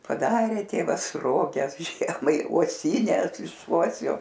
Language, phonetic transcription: Lithuanian, paˈdarė ˈtėvas ˈroges ˈžiemai uoˈsynes iš ˈuosio

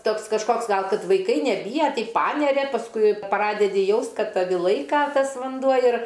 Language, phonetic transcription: Lithuanian, ˈtoks kažˈkoks ˈgal ˈkad vaiˈkai neˈbyja ˈtai ˈpaneria pasˈkui ˈpradedi ˈjaust ˈkad ˈtavi ˈlaika ˈtas vanˈduo ir

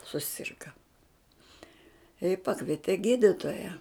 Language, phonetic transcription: Lithuanian, suˈsirga i ˈpakviete ˈgyditoja

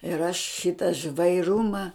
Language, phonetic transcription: Lithuanian, ir aš ˈšita žvaiˈruma

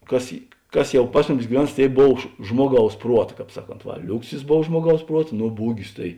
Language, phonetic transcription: Lithuanian, ˈkas i ˈkas ˈjau ˈpas muˌmis giˈvens ˈtėi ˈbov ž ˈžmuoˌgaus ˈpruot ˈkāp ˈsaˌkont ˈva ˈliuksis ˈbov ˈžmuoˌgaus ˈpruot ˈno ˈbūgis tai

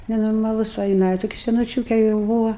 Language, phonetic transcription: Lithuanian, nenormaˈlus o jiˈnai toˈki senuˈčiūke jau ˈbūva

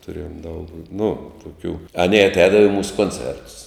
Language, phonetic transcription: Lithuanian, tuˈrėjom daug nu tuˈkių aˈnė atˈēdava i ˈmūsu konˈcertus

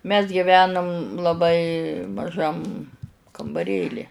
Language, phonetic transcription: Lithuanian, mes giˈvenum laˈbai maˈžam kambaˈrėli

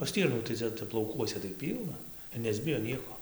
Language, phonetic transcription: Lithuanian, o ˈstyrnų tai ˈcia ˈtep lauˈkuose tai ˈpylna ir nesˈbijo ˈnieko

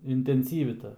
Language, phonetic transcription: Lithuanian, intenˈsyvi ˈta

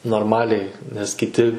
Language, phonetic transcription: Lithuanian, norˈmaliai nes kiˈti

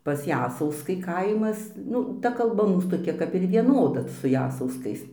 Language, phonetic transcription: Lithuanian, pas ˈjasauskai ˈkaimas ˈnu ˈta kalˈba ˈmūs toˈkia kap ir vieˈnoda su ˈjasauskais

